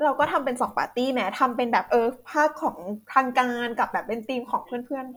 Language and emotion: Thai, happy